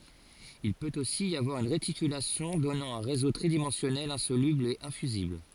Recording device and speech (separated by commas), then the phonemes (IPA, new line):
forehead accelerometer, read sentence
il pøt osi i avwaʁ yn ʁetikylasjɔ̃ dɔnɑ̃ œ̃ ʁezo tʁidimɑ̃sjɔnɛl ɛ̃solybl e ɛ̃fyzibl